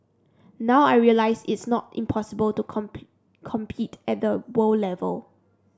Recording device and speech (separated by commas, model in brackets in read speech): standing microphone (AKG C214), read sentence